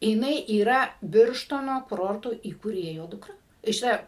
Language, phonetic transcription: Lithuanian, jiˈnai yˈra ˈbirštono kuˈrorto įkūˈrėjo ˈdukra tai šiˈta

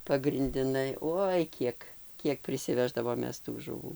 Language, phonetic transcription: Lithuanian, pagrindiˈnai ˈoi ˈkiek ˈkiek prisiˈveždavom ˈmes tų žuˈvų

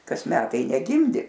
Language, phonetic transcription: Lithuanian, ˈkas ˈmetai neˈgimdi

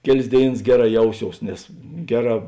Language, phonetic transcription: Lithuanian, ˈkeˌlės ˈdėiˌnas ˈgeˌrā ˈjauˌsious nes ˈgeˌrā

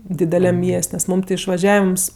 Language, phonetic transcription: Lithuanian, dideˈliam ˈmies't' nes ˈmūm ti išvaˈžiavims

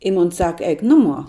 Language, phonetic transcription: Lithuanian, i mon ˈsaka ˈeik ˈnuˌmuo

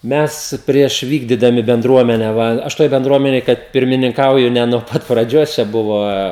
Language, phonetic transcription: Lithuanian, ˈmes prieš ˈvykdydami benˈdruomene ˈva ˈaš ˈtoj benˈdruomenėj kad pirmininˈkauju ne nuo ˈpat praˈdžios čia ˈbuva

